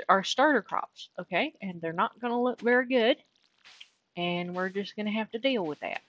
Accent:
southern accent